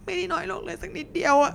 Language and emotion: Thai, sad